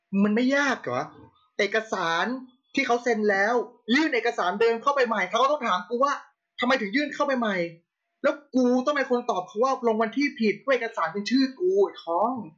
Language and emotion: Thai, angry